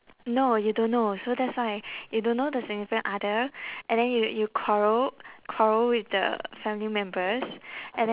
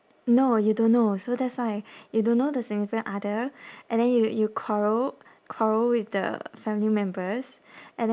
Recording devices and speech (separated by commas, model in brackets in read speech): telephone, standing microphone, conversation in separate rooms